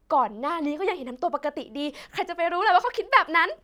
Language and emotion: Thai, happy